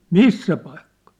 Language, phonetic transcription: Finnish, » "missä paikkᴀᴀ ? «
- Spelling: missä paikkaa

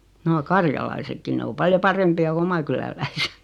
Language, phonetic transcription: Finnish, 'noo "karjalaisekki 'ne o 'paljo "parempi₍a ku 'oma kyläläisᴇt .
- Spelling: no karjalaisetkin ne on paljon parempia kuin oman kyläläiset

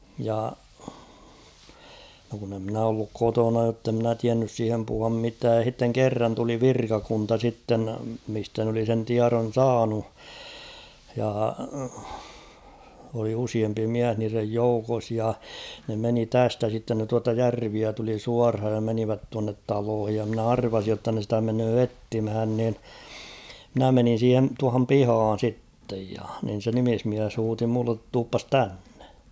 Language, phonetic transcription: Finnish, ja , no kun ‿e ‿'mnä olluk "kotona jotte ‿mnä 'tiännys 'siihem puhuam 'mitääj ja h̬itteŋ "kerran tuli "virkakunta sitten , mistä n ‿oli sen 'tiaron̬ "saanu , ja , oli 'usiempi "miäh niirej "joukos ja , ne 'meni "tästä sitten ne 'tuata "järviä tuli "suarhaj ja 'menivät tuannet 'taloohij ja mnä "arvasij jotta ne stä 'menöö "ettimhän nin , mᵎnä 'menin̬ 'siihen̬ , tuahom "pihaan̬ 'sittej ja , nin̬ se 'nimismiäs 'huuti mullet » 'tuuppas "tännᴇ ! «
- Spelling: ja no kun en minä ollut kotona jotta en minä tiennyt siihen puhua mitään ja sitten kerran tuli virkakunta sitten mistä ne oli sen tiedon saanut ja oli useampi mies niiden joukossa ja ne meni tästä sitten ne tuota järveä tuli suoraan ja menivät tuonne taloihin ja minä arvasin jotta ne sitä menee etsimään niin minä menin siihen tuohon pihaan sitten ja niin se nimismies huusi minulle tulepas tänne

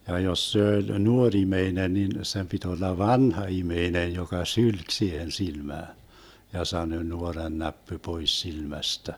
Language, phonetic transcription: Finnish, ja jos 'se oĺ "nuoŕ 'imeinen nin , sem pit olla "vanha 'imeinej joka "sylk siihen 'silmään , ja 'sanö » 'nuorannäppy 'pois 'silmästä » .
- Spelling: ja jos se oli nuori ihminen niin sen piti olla vanha ihminen joka sylki siihen silmään ja sanoi nuorannäppy pois silmästä

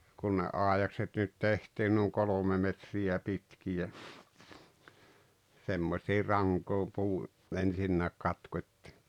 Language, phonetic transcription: Finnish, kun ne 'àejakset nyt 'tehtiin nuuŋ 'kolome metri₍ä 'pitki₍ä , 'semmośii "raŋkoom̬ puu , 'ensinnääk 'katkot́t́ɪ .
- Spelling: kun ne aidakset nyt tehtiin niin kolme metriä pitkiä semmoisiin rankoihin puu ensinnäkin katkottiin

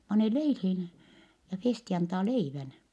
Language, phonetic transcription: Finnish, pane leilhiin , ja Festi antaa leivän . »
- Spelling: pane leiliin ja Festi antaa leivän

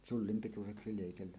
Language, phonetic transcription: Finnish, 'sullim 'pituseksi lèikellä .
- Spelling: sullin pituiseksi leikellä

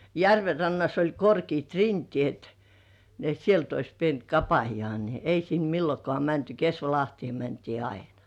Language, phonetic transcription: Finnish, järve rannas oĺ 'korkiit "rintĭèt , ni ‿et 'sielt ‿ois pient "kapajŏà ni , "ei sin 'millokŏà mänty "Kesvalahtĭè mäntii 'ainᴀ .
- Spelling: järven rannassa oli korkeat rinteet niin että sieltä olisi pitänyt kapista niin ei sinne milloinkaan mänty Kesvalahteen mentiin aina

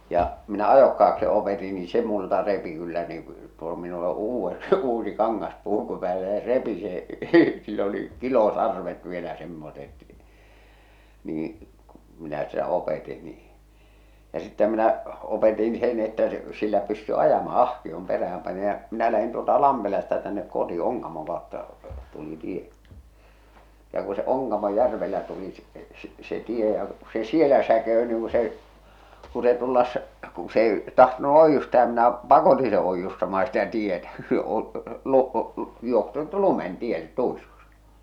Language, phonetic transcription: Finnish, ja , "minä 'ajokkaak- se opeti ni 'se multa repi kyllä nii , tuo minul ‿o 'uuvve- 'uusi 'kaŋŋas'pùku päällä ja se 'repi se , sill ‿oli , 'kilosarvet vielä semmoset , niiḭ , kᴜ , minä sitä 'opèti nii , ja sⁱtteʰᵃ̈ minä , opetin sen ‿että , s- , sillä pysty 'ajama "ahkiom 'perähäm pani ja , minä lähin tuolta 'Lampelasta tännek 'koti 'Oŋkamoŋ kàotta , 'tuli 'tie , ja ku se 'Oŋkamoj'järvellä tuli s- s- se 'tie ja , se 'sielä säkeö niiŋ ku se , ku se tullas̳ , ku s ‿ei , tahtonu 'oijjustaa ja minä , "pakotiḭ se 'oijjustama sitä 'tietä , o- , lu- , joht(anut) 'lumen 'tielle 'tuiskus .
- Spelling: ja minä - se opetti niin se minulta repi kyllä niin tuo minulla on - uusi kangaspuku päällä ja se repi sen sillä oli kilosarvet vielä semmoiset niin kun minä sitä opetin niin ja sittenhän minä opetin sen että - sillä pystyi ajamaan ahkion perään pani ja minä lähdin tuolta Lampelasta tänne koti Onkamon kautta tuli tie ja kun se Onkamojärvellä tuli - - se tie ja se siellä säkeytyi niin kun se kun se tulla kun se ei tahtonut oiustaa ja minä pakotin se oiustamaan sitä tietä - - johtanut lumen tielle tuiskusi

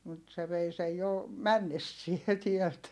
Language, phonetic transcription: Finnish, mut se vei sej jo , männessie tiɛlt .
- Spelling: mutta se vei sen jo mennessään täältä

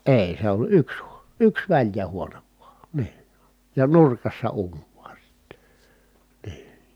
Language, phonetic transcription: Finnish, èi̮ se ‿oĺ yks hUO- , yks väĺjä huonev vuà , nii , ja nurkassa uuń VUA sIttE , nii .
- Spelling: ei se oli yksi - yksi väljä huone vain niin ja nurkassa uuni vain sitten niin

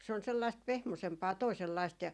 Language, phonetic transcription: Finnish, se on 'sellaist "pehmosempaa 'toi̮sellaist ja ,.
- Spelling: se on sellaista pehmoisempaa toisenlaista ja

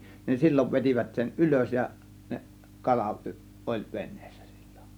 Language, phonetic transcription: Finnish, nin 'sil͕l͕ov 'vet͕ivät sen "ˀylös ja , neˀ , 'kala , ˀoĺ 'ven̆nEEssÄ sIL͕L͕ON .
- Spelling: niin silloin vetivät sen ylös ja ne kala oli veneessä silloin

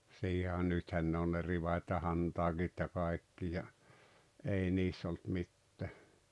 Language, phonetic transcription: Finnish, 'siihe a- 'nythän ne on ne 'rivat́ ja 'hantaaGit ja 'kaekki ja , 'ei 'niis s ‿olt 'mittä .
- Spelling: siihen - nythän ne on ne rivat ja hantaakit ja kaikki ja ei niissä - ollut mitään

